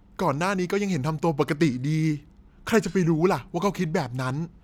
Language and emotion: Thai, frustrated